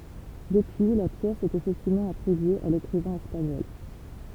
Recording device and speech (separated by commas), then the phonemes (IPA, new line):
temple vibration pickup, read sentence
dəpyi la pjɛs ɛt efɛktivmɑ̃ atʁibye a lekʁivɛ̃ ɛspaɲɔl